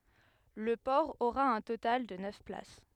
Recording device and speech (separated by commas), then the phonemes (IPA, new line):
headset microphone, read sentence
lə pɔʁ oʁa œ̃ total də nœf plas